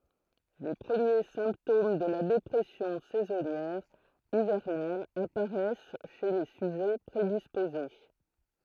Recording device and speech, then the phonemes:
throat microphone, read sentence
le pʁəmje sɛ̃ptom də la depʁɛsjɔ̃ sɛzɔnjɛʁ ivɛʁnal apaʁɛs ʃe le syʒɛ pʁedispoze

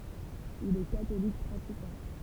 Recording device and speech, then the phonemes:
temple vibration pickup, read sentence
il ɛ katolik pʁatikɑ̃

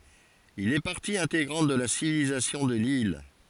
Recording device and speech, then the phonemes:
forehead accelerometer, read sentence
il ɛ paʁti ɛ̃teɡʁɑ̃t də la sivilizasjɔ̃ də lil

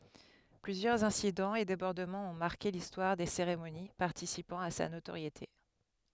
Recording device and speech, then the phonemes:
headset microphone, read sentence
plyzjœʁz ɛ̃sidɑ̃z e debɔʁdəmɑ̃z ɔ̃ maʁke listwaʁ de seʁemoni paʁtisipɑ̃ a sa notoʁjete

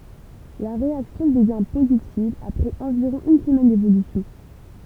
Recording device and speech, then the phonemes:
temple vibration pickup, read sentence
la ʁeaksjɔ̃ dəvjɛ̃ pozitiv apʁɛz ɑ̃viʁɔ̃ yn səmɛn devolysjɔ̃

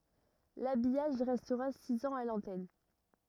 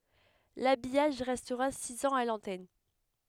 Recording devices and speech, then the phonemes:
rigid in-ear microphone, headset microphone, read sentence
labijaʒ ʁɛstʁa siz ɑ̃z a lɑ̃tɛn

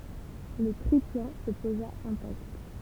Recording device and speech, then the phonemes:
temple vibration pickup, read sentence
lə tʁiplɑ̃ sə poza ɛ̃takt

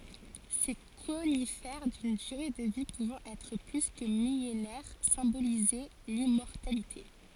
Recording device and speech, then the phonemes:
forehead accelerometer, read sentence
se konifɛʁ dyn dyʁe də vi puvɑ̃ ɛtʁ ply kə milenɛʁ sɛ̃bolizɛ limmɔʁtalite

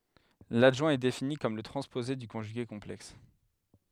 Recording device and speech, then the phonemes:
headset microphone, read sentence
ladʒwɛ̃ ɛ defini kɔm lə tʁɑ̃spoze dy kɔ̃ʒyɡe kɔ̃plɛks

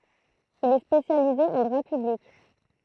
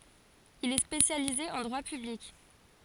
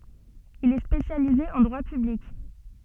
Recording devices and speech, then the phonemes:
throat microphone, forehead accelerometer, soft in-ear microphone, read sentence
il ɛ spesjalize ɑ̃ dʁwa pyblik

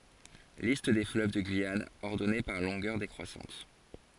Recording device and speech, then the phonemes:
forehead accelerometer, read sentence
list de fløv də ɡyijan ɔʁdɔne paʁ lɔ̃ɡœʁ dekʁwasɑ̃t

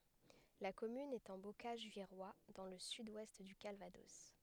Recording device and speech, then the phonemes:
headset microphone, read sentence
la kɔmyn ɛt ɑ̃ bokaʒ viʁwa dɑ̃ lə syd wɛst dy kalvadɔs

